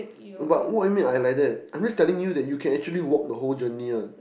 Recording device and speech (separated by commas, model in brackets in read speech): boundary microphone, conversation in the same room